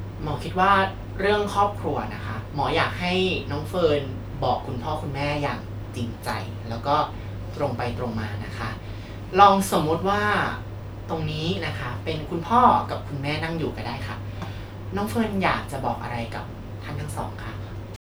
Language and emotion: Thai, neutral